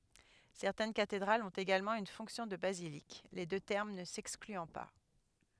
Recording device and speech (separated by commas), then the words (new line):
headset microphone, read sentence
Certaines cathédrales ont également une fonction de basilique, les deux termes ne s'excluant pas.